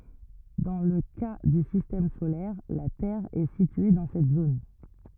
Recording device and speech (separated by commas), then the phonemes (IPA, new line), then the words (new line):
rigid in-ear microphone, read sentence
dɑ̃ lə ka dy sistɛm solɛʁ la tɛʁ ɛ sitye dɑ̃ sɛt zon
Dans le cas du système solaire, la Terre est située dans cette zone.